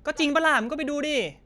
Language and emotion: Thai, frustrated